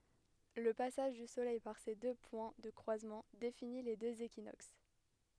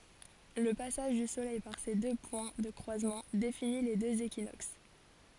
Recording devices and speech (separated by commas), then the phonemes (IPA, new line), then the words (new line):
headset microphone, forehead accelerometer, read sentence
lə pasaʒ dy solɛj paʁ se dø pwɛ̃ də kʁwazmɑ̃ defini le døz ekinoks
Le passage du soleil par ces deux points de croisement définit les deux équinoxes.